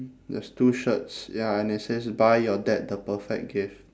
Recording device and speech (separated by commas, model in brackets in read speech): standing microphone, conversation in separate rooms